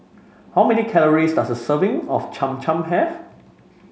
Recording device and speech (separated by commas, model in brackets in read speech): mobile phone (Samsung C5), read sentence